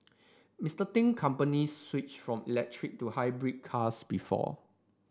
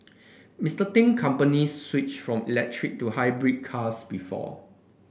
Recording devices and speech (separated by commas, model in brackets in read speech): standing microphone (AKG C214), boundary microphone (BM630), read sentence